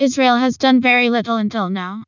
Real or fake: fake